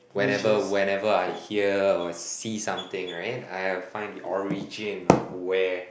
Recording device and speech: boundary microphone, conversation in the same room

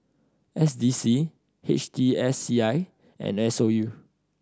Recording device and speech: standing microphone (AKG C214), read sentence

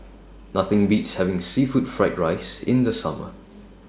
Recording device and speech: standing microphone (AKG C214), read sentence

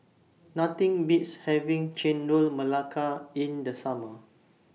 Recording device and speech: mobile phone (iPhone 6), read sentence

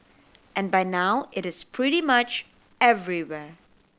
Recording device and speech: boundary microphone (BM630), read sentence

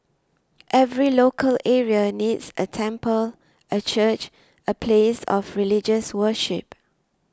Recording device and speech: standing microphone (AKG C214), read sentence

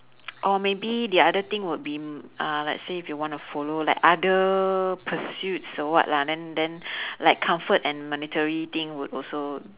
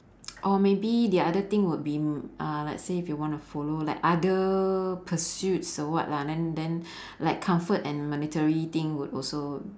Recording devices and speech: telephone, standing microphone, conversation in separate rooms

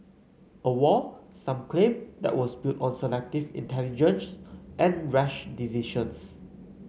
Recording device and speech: mobile phone (Samsung C9), read sentence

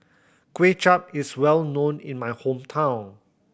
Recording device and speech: boundary microphone (BM630), read sentence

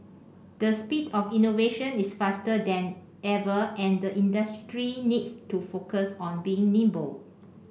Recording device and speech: boundary microphone (BM630), read sentence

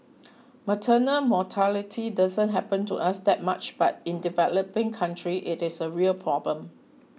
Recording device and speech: mobile phone (iPhone 6), read sentence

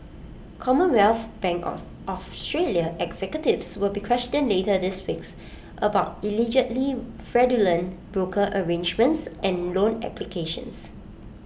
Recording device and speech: boundary microphone (BM630), read sentence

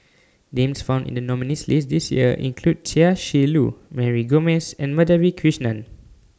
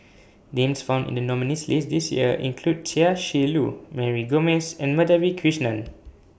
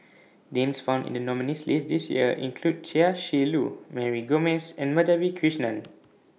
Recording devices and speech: standing microphone (AKG C214), boundary microphone (BM630), mobile phone (iPhone 6), read sentence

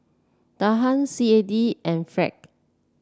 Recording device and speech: standing microphone (AKG C214), read sentence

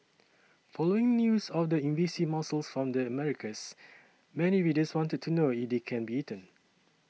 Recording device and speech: mobile phone (iPhone 6), read sentence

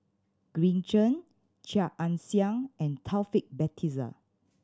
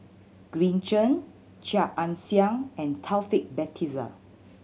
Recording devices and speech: standing microphone (AKG C214), mobile phone (Samsung C7100), read sentence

